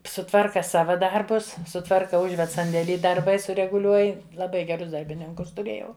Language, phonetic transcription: Lithuanian, suˈtvarka ˈsava ˈdarbus suˈtvarka ˈužved sandėˈly darˈbai sureguˈliuoj laˈbai geˈrus darbiˈninkus tuˈrėjau

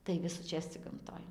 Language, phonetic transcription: Lithuanian, tai visųˈčės cig gamˈtoj

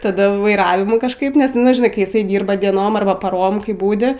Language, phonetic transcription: Lithuanian, taˈda vaiˈravimų kažˈkaip nes nu žiˈnai kai jiˈsai ˈdyrba dieˈnom arˈba paˈrom ˈkai ˈbūdi

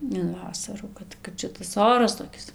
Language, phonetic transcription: Lithuanian, in ˈvasarų ˈkad kad ˈšitas ˈoras toˈkis

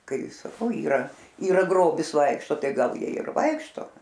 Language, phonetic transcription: Lithuanian, ˈkai saˈkau yˈra yˈra ˈgrobis ˈvaikšto ˈtai ˈgal ˈjie ir ˈvaikšto

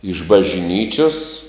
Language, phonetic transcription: Lithuanian, iš bažˈnyčios

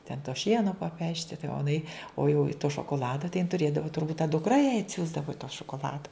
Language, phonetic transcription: Lithuanian, ten to ˈšieno paˈpešti tai o iˈnai o jau i to šokoˈlada tai jin tuˈrėdavo turˈbūt ta dukˈra jai atˈsiųsdavo tą šokoˈlado

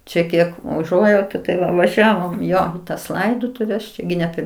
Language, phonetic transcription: Lithuanian, ˈčia ˈkiek uˈžuojautu tai ˈva vaˈžiavom į ˈjo tas ˈlaidotuves ˈčia gi ne ˈper

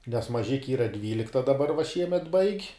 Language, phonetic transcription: Lithuanian, nes maˈžiki ˈyra ˈdvylikta daˈbar va ˈšiemet baig'

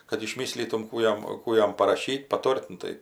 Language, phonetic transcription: Lithuanian, kad išˈmyslytum ˈkų jam ˈkų jam paraˈšytˈ paˈtor't' ˈnu tai

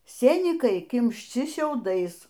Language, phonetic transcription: Lithuanian, ˈsėnykai kimšˈči šiauˈdais

